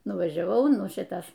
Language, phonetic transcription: Lithuanian, nuvažiaˈvau ˈnu ˈšitas

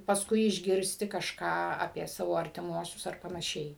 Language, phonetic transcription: Lithuanian, pasˈkui išˈgirsti kažˈką apie ˈsavo artiˈmuosius ar panaˈšiai

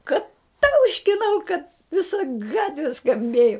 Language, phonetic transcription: Lithuanian, ˈka ˈtauškinau kad viˈsa ˈgatvi skamˈbėju

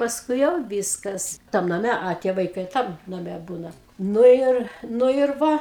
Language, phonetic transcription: Lithuanian, pasˈkui jau ˈvyskas tam naˈme a ˈtie vaiˈkai ˈtam naˈme ˈbūna ˈnu ir ˈnu ir ˈva

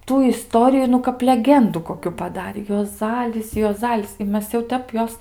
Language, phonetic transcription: Lithuanian, ˈtų iˈstoriju nu kap leˈgendu koˈkiu paˈdarė juoˈzalis juoˈzalis i ˈmes jau ˈtep ˈjos

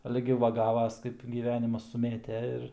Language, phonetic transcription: Lithuanian, ˈale gi ˈva ˈgavas ˈkaip gyˈvenimas suˈmėte ir

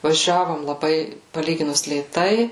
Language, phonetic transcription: Lithuanian, vaˈžiavom laˈbai paˈlyginus lėˈtai

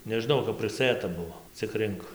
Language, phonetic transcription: Lithuanian, nežiˈnau kap priˈsɘta ˈbuvo cik ˈrink

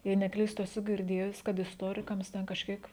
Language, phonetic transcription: Lithuanian, jei neˈklystu eˈsu girˈdėjus kad isˈtorikams ten kažˈkiek

